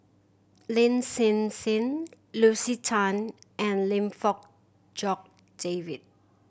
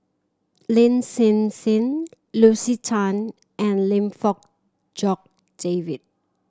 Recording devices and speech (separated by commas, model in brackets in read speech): boundary microphone (BM630), standing microphone (AKG C214), read sentence